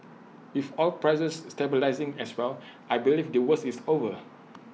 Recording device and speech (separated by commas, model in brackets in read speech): mobile phone (iPhone 6), read sentence